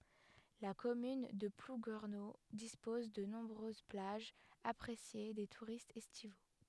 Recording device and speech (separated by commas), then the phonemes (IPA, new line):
headset microphone, read sentence
la kɔmyn də pluɡɛʁno dispɔz də nɔ̃bʁøz plaʒz apʁesje de tuʁistz ɛstivo